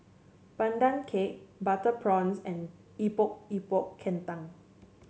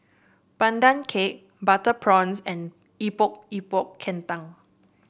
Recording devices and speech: mobile phone (Samsung C7), boundary microphone (BM630), read sentence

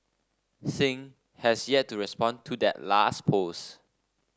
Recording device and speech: standing microphone (AKG C214), read sentence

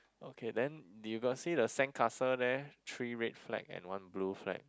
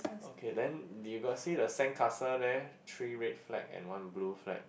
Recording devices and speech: close-talking microphone, boundary microphone, conversation in the same room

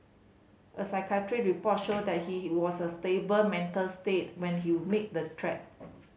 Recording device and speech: mobile phone (Samsung C5010), read sentence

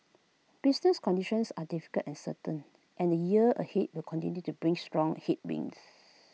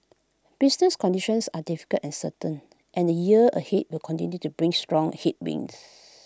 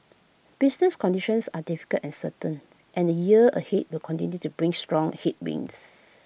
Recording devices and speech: mobile phone (iPhone 6), close-talking microphone (WH20), boundary microphone (BM630), read sentence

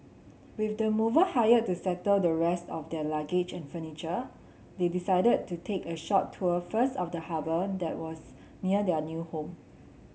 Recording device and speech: mobile phone (Samsung C7), read sentence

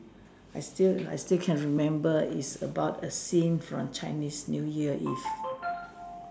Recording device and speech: standing microphone, conversation in separate rooms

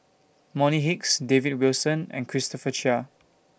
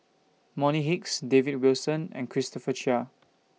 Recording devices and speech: boundary microphone (BM630), mobile phone (iPhone 6), read sentence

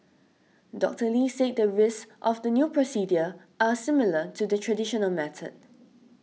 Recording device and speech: mobile phone (iPhone 6), read sentence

